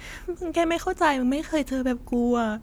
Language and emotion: Thai, sad